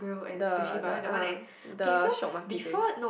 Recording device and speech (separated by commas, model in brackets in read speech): boundary microphone, conversation in the same room